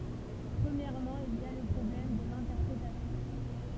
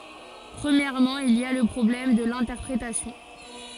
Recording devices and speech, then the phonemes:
temple vibration pickup, forehead accelerometer, read sentence
pʁəmjɛʁmɑ̃ il i a lə pʁɔblɛm də lɛ̃tɛʁpʁetasjɔ̃

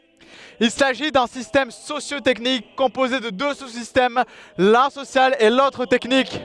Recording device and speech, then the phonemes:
headset microphone, read sentence
il saʒi dœ̃ sistɛm sosjo tɛknik kɔ̃poze də dø su sistɛm lœ̃ sosjal e lotʁ tɛknik

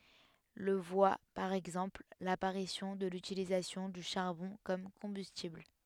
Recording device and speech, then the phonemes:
headset microphone, read sentence
lə vwa paʁ ɛɡzɑ̃pl lapaʁisjɔ̃ də lytilizasjɔ̃ dy ʃaʁbɔ̃ kɔm kɔ̃bystibl

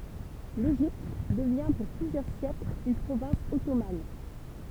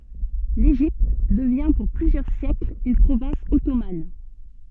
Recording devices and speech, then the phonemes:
temple vibration pickup, soft in-ear microphone, read sentence
leʒipt dəvjɛ̃ puʁ plyzjœʁ sjɛkl yn pʁovɛ̃s ɔtoman

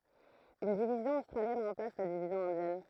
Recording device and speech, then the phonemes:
throat microphone, read sentence
yn divizjɔ̃ ostʁaljɛn ʁɑ̃plas la divizjɔ̃ ɛ̃djɛn

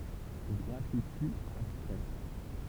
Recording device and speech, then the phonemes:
temple vibration pickup, read sentence
ɡʁafiti abstʁɛ

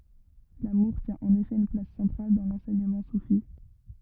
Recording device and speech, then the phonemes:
rigid in-ear microphone, read sentence
lamuʁ tjɛ̃ ɑ̃n efɛ yn plas sɑ̃tʁal dɑ̃ lɑ̃sɛɲəmɑ̃ sufi

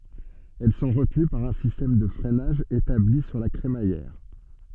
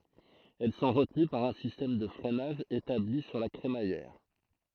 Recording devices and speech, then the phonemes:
soft in-ear microphone, throat microphone, read sentence
ɛl sɔ̃ ʁətəny paʁ œ̃ sistɛm də fʁɛnaʒ etabli syʁ la kʁemajɛʁ

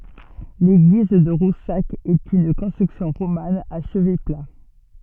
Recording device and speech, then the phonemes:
soft in-ear microphone, read sentence
leɡliz də ʁusak ɛt yn kɔ̃stʁyksjɔ̃ ʁoman a ʃəvɛ pla

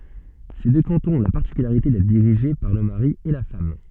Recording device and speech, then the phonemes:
soft in-ear microphone, read sentence
se dø kɑ̃tɔ̃z ɔ̃ la paʁtikylaʁite dɛtʁ diʁiʒe paʁ lə maʁi e la fam

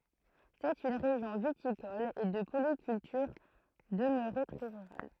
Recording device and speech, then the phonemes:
throat microphone, read sentence
sɛt yn ʁeʒjɔ̃ vitikɔl e də polikyltyʁ dəmøʁe tʁɛ ʁyʁal

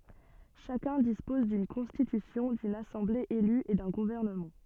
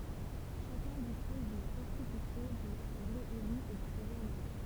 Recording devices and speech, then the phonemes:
soft in-ear microphone, temple vibration pickup, read sentence
ʃakœ̃ dispɔz dyn kɔ̃stitysjɔ̃ dyn asɑ̃ble ely e dœ̃ ɡuvɛʁnəmɑ̃

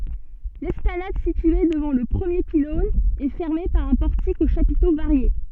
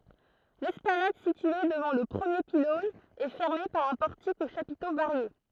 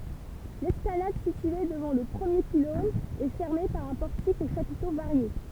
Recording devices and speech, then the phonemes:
soft in-ear microphone, throat microphone, temple vibration pickup, read sentence
lɛsplanad sitye dəvɑ̃ lə pʁəmje pilɔ̃n ɛ fɛʁme paʁ œ̃ pɔʁtik o ʃapito vaʁje

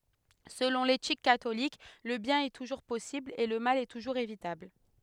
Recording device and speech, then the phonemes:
headset microphone, read sentence
səlɔ̃ letik katolik lə bjɛ̃n ɛ tuʒuʁ pɔsibl e lə mal tuʒuʁz evitabl

